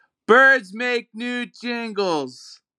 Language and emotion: English, neutral